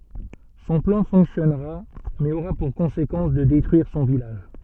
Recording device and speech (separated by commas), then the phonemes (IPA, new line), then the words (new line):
soft in-ear microphone, read sentence
sɔ̃ plɑ̃ fɔ̃ksjɔnʁa mɛz oʁa puʁ kɔ̃sekɑ̃s də detʁyiʁ sɔ̃ vilaʒ
Son plan fonctionnera, mais aura pour conséquence de détruire son village.